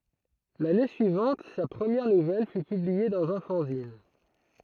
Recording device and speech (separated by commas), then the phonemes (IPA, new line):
throat microphone, read sentence
lane syivɑ̃t sa pʁəmjɛʁ nuvɛl fy pyblie dɑ̃z œ̃ fɑ̃zin